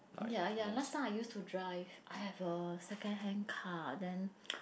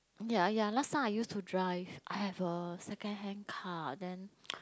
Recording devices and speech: boundary microphone, close-talking microphone, conversation in the same room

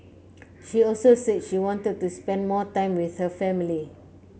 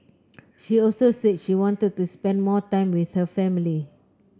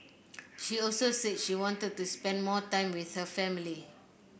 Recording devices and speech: mobile phone (Samsung C9), close-talking microphone (WH30), boundary microphone (BM630), read sentence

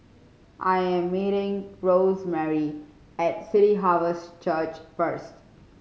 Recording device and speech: mobile phone (Samsung C5010), read sentence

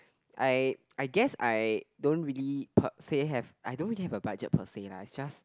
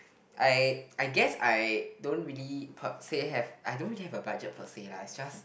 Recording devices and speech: close-talking microphone, boundary microphone, conversation in the same room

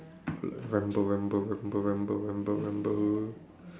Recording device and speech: standing microphone, conversation in separate rooms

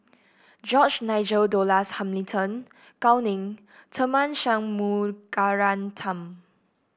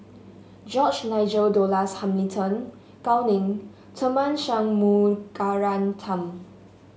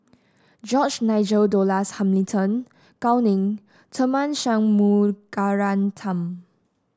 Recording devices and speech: boundary microphone (BM630), mobile phone (Samsung S8), standing microphone (AKG C214), read sentence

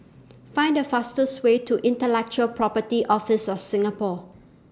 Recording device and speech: standing microphone (AKG C214), read sentence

